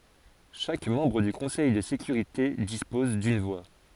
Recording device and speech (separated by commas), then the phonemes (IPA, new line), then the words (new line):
forehead accelerometer, read sentence
ʃak mɑ̃bʁ dy kɔ̃sɛj də sekyʁite dispɔz dyn vwa
Chaque membre du Conseil de sécurité dispose d'une voix.